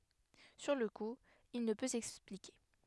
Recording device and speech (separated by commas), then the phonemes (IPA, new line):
headset microphone, read sentence
syʁ lə ku il nə pø sɛksplike